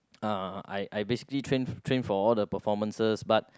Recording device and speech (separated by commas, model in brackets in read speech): close-talking microphone, conversation in the same room